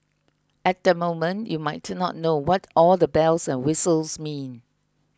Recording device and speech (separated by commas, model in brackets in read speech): close-talking microphone (WH20), read sentence